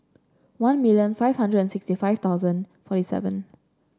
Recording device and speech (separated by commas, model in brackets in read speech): standing microphone (AKG C214), read sentence